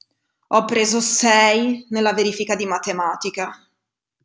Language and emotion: Italian, disgusted